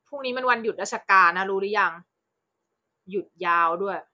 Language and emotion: Thai, frustrated